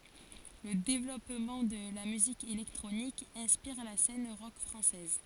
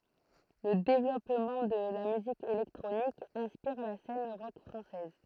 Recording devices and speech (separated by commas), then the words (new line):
forehead accelerometer, throat microphone, read sentence
Le développement de la musique électronique inspire la scène rock française.